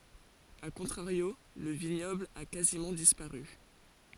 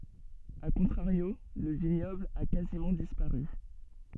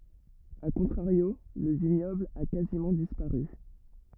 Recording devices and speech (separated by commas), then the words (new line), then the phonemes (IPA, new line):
forehead accelerometer, soft in-ear microphone, rigid in-ear microphone, read sentence
À contrario, le vignoble a quasiment disparu.
a kɔ̃tʁaʁjo lə viɲɔbl a kazimɑ̃ dispaʁy